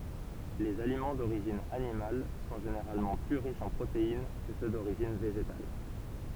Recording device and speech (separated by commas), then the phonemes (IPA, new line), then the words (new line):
temple vibration pickup, read sentence
lez alimɑ̃ doʁiʒin animal sɔ̃ ʒeneʁalmɑ̃ ply ʁiʃz ɑ̃ pʁotein kə sø doʁiʒin veʒetal
Les aliments d'origine animale sont généralement plus riches en protéines que ceux d'origine végétale.